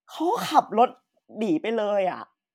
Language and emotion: Thai, sad